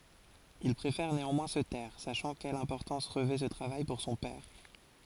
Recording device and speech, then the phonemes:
forehead accelerometer, read sentence
il pʁefɛʁ neɑ̃mwɛ̃ sə tɛʁ saʃɑ̃ kɛl ɛ̃pɔʁtɑ̃s ʁəvɛ sə tʁavaj puʁ sɔ̃ pɛʁ

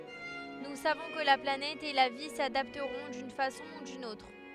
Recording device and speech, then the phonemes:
headset microphone, read sentence
nu savɔ̃ kə la planɛt e la vi sadaptʁɔ̃ dyn fasɔ̃ u dyn otʁ

